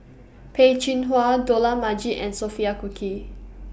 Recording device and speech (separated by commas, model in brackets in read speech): boundary microphone (BM630), read sentence